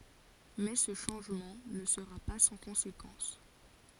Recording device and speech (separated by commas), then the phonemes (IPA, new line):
forehead accelerometer, read sentence
mɛ sə ʃɑ̃ʒmɑ̃ nə səʁa pa sɑ̃ kɔ̃sekɑ̃s